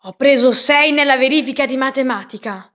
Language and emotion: Italian, angry